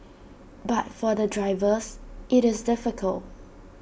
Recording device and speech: boundary microphone (BM630), read sentence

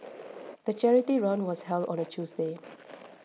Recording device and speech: mobile phone (iPhone 6), read sentence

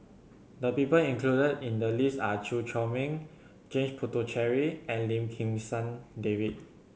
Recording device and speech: mobile phone (Samsung C7100), read sentence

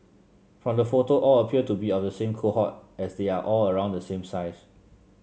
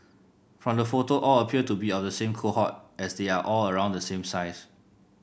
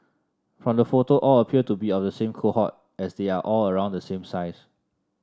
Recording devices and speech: mobile phone (Samsung C7), boundary microphone (BM630), standing microphone (AKG C214), read sentence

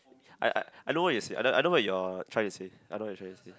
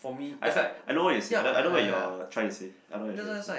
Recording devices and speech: close-talking microphone, boundary microphone, conversation in the same room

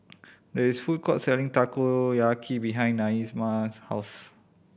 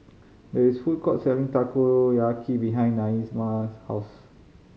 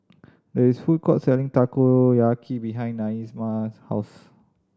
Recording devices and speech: boundary microphone (BM630), mobile phone (Samsung C5010), standing microphone (AKG C214), read sentence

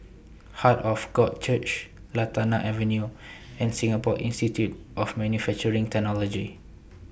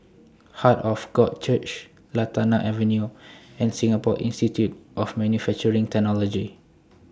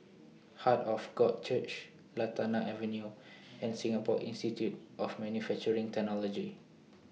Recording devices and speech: boundary microphone (BM630), standing microphone (AKG C214), mobile phone (iPhone 6), read sentence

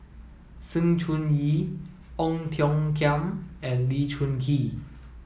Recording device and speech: mobile phone (iPhone 7), read sentence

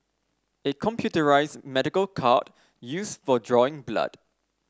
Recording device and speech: standing microphone (AKG C214), read sentence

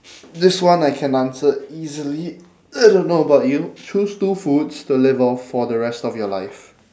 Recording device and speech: standing microphone, conversation in separate rooms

